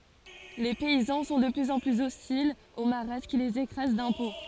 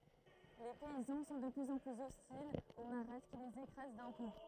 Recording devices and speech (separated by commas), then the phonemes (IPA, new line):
forehead accelerometer, throat microphone, read sentence
le pɛizɑ̃ sɔ̃ də plyz ɑ̃ plyz ɔstilz o maʁat ki lez ekʁaz dɛ̃pɔ̃